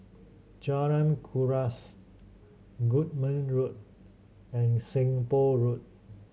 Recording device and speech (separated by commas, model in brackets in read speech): mobile phone (Samsung C7100), read sentence